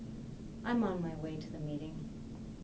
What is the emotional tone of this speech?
sad